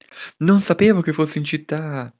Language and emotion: Italian, surprised